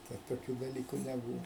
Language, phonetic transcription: Lithuanian, ˈtad toˈkių daˈlyku neˈbūva

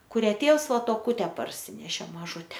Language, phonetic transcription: Lithuanian, kuˈrią ˈtėvs ˈva toˈkute parˈsinešė maˈžute

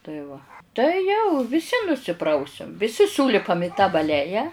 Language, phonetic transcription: Lithuanian, tai ˈva tai ˈjau viˈsi nusiˈprausiam viˈsi ˈsūlipam i ta baˈleja

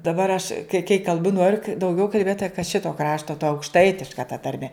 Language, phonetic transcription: Lithuanian, daˈbar aš kai kai kalˈbu ˈnoriu ka dauˈgiau kalˈbėt ta ka ˈšito ˈkrašto ta aukšˈtaitiška ta tarˈme

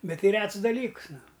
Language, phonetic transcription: Lithuanian, ˈbet ˈti ˈrets daˈlyks ˈnu

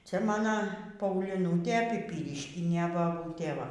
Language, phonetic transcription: Lithuanian, ˈcia maˈna pauˈlynutė pyˈpyriškinė baˈbūtė ˈva

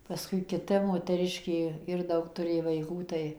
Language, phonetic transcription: Lithuanian, paˈskui kiˈta moteˈriškė ˈir ˈdaug tuˈrė vaiˈkų tai

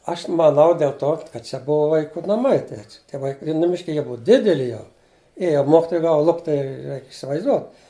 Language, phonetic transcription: Lithuanian, ˈaš maˈnau dėl ˈto kad ˈčia ˈbuva vaiˈkų naˈmai ˈtie tie ˈvaik i nuˈmiški ˈjie ˈbuva ˈdideli jau ˈėja ˈmokitoja ˈgava ˈlupt' tai ˈreik' isivaizˈduot

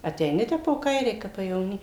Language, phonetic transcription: Lithuanian, ateiˈni ˈtep po ˈkairei ˈkap pajevoˈny

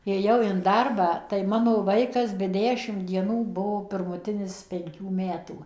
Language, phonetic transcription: Lithuanian, ėˈjau in ˈdarbą tai ˈmano ˈvaikas be ˈdešim dieˈnų ˈbuvo pirmuˈtinis penˈkių ˈmetų

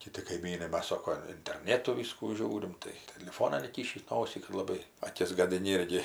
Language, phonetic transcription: Lithuanian, kiˈti kaiˈmynai ˈmas ˈsoko interˈnėtu ˈvyskų ˈžiūrim tai teliˈfonan įˈkyšįs ˈnosį kad laˈbai aˈkis gadiˈni ˈirgi

